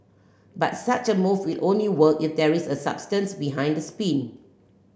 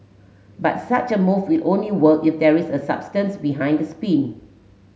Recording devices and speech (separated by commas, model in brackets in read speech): boundary microphone (BM630), mobile phone (Samsung S8), read sentence